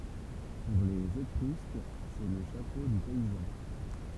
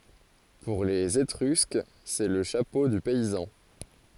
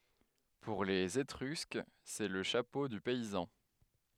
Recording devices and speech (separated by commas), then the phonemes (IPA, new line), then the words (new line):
temple vibration pickup, forehead accelerometer, headset microphone, read sentence
puʁ lez etʁysk sɛ lə ʃapo dy pɛizɑ̃
Pour les Étrusques, c'est le chapeau du paysan.